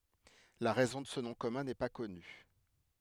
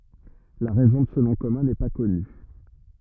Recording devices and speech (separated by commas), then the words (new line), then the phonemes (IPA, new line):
headset microphone, rigid in-ear microphone, read sentence
La raison de ce nom commun n’est pas connue.
la ʁɛzɔ̃ də sə nɔ̃ kɔmœ̃ nɛ pa kɔny